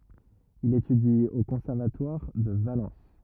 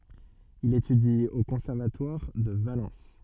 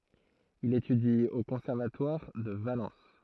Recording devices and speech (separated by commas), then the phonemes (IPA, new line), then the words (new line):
rigid in-ear microphone, soft in-ear microphone, throat microphone, read sentence
il etydi o kɔ̃sɛʁvatwaʁ də valɑ̃s
Il étudie au Conservatoire de Valence.